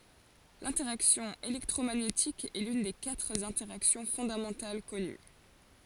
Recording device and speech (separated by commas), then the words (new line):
forehead accelerometer, read sentence
L'interaction électromagnétique est l'une des quatre interactions fondamentales connues.